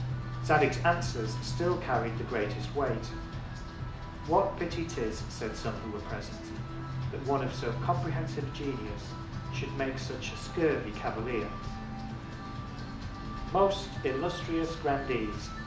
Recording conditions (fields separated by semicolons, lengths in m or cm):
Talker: one person; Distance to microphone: 2.0 m; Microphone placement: close; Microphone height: 99 cm; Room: medium-sized (5.7 m by 4.0 m); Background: music